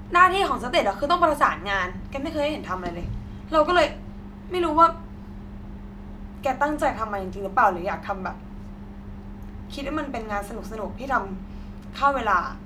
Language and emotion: Thai, frustrated